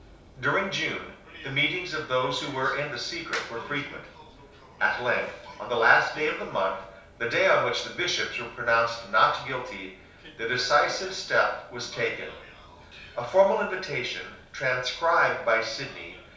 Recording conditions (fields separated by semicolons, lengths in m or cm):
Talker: one person; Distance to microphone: 3.0 m; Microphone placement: far; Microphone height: 1.8 m; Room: small (3.7 m by 2.7 m); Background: television